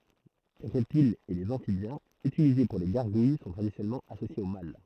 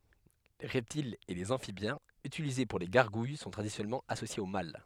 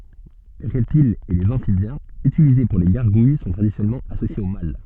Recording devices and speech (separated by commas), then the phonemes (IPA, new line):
throat microphone, headset microphone, soft in-ear microphone, read sentence
le ʁɛptilz e lez ɑ̃fibjɛ̃z ytilize puʁ le ɡaʁɡuj sɔ̃ tʁadisjɔnɛlmɑ̃ asosjez o mal